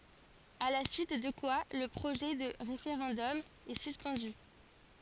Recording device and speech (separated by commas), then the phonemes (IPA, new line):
forehead accelerometer, read sentence
a la syit də kwa lə pʁoʒɛ də ʁefeʁɑ̃dɔm ɛ syspɑ̃dy